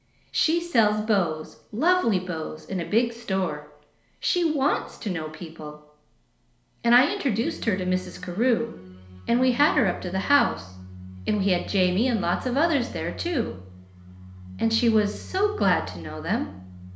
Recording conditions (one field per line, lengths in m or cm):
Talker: one person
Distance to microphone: 1.0 m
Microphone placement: close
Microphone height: 1.1 m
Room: small (3.7 m by 2.7 m)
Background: music